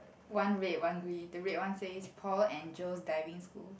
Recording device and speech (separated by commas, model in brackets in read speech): boundary microphone, conversation in the same room